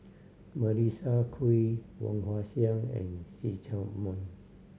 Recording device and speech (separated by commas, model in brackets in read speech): mobile phone (Samsung C7100), read sentence